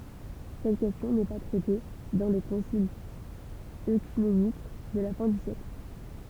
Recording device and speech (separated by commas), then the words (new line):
temple vibration pickup, read sentence
Cette question n'est pas traitée dans les conciles œcuméniques de la fin du siècle.